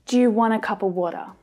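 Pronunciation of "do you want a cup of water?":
The sentence is spoken at natural speed, and it is full of schwa sounds.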